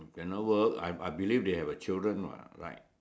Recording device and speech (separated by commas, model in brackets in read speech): standing microphone, conversation in separate rooms